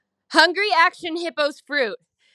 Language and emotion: English, happy